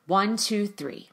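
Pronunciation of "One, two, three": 'One, two, three' is said with a downward inflection, so the voice goes down in pitch.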